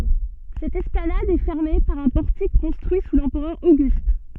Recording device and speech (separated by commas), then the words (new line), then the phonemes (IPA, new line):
soft in-ear microphone, read sentence
Cette esplanade est fermée par un portique construit sous l'empereur Auguste.
sɛt ɛsplanad ɛ fɛʁme paʁ œ̃ pɔʁtik kɔ̃stʁyi su lɑ̃pʁœʁ oɡyst